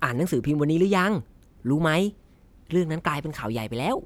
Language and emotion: Thai, happy